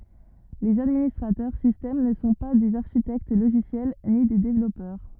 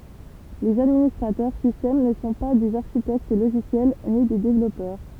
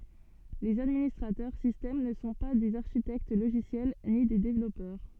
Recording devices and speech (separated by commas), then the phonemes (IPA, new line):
rigid in-ear microphone, temple vibration pickup, soft in-ear microphone, read sentence
lez administʁatœʁ sistɛm nə sɔ̃ pa dez aʁʃitɛkt loʒisjɛl ni de devlɔpœʁ